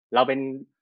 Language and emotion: Thai, frustrated